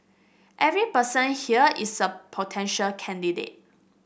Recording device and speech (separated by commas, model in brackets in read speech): boundary microphone (BM630), read sentence